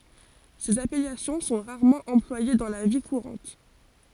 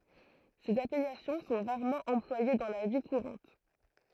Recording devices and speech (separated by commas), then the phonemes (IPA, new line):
forehead accelerometer, throat microphone, read sentence
sez apɛlasjɔ̃ sɔ̃ ʁaʁmɑ̃ ɑ̃plwaje dɑ̃ la vi kuʁɑ̃t